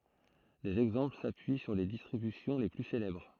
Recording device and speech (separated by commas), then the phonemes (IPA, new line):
throat microphone, read sentence
dez ɛɡzɑ̃pl sapyi syʁ le distʁibysjɔ̃ le ply selɛbʁ